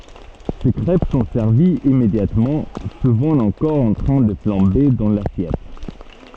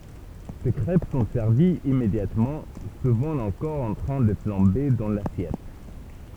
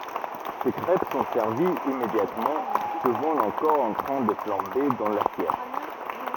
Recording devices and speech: soft in-ear microphone, temple vibration pickup, rigid in-ear microphone, read sentence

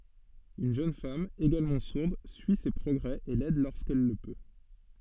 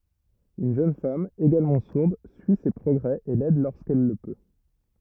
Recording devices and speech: soft in-ear microphone, rigid in-ear microphone, read sentence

